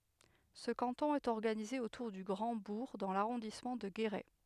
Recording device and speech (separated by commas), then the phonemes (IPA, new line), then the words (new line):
headset microphone, read sentence
sə kɑ̃tɔ̃ ɛt ɔʁɡanize otuʁ dy ɡʁɑ̃dbuʁ dɑ̃ laʁɔ̃dismɑ̃ də ɡeʁɛ
Ce canton est organisé autour du Grand-Bourg dans l'arrondissement de Guéret.